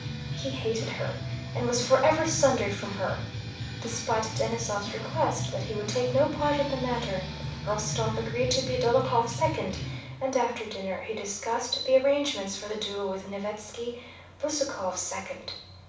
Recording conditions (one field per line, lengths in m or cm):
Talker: one person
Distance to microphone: 5.8 m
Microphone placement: far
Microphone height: 1.8 m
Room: medium-sized (5.7 m by 4.0 m)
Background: music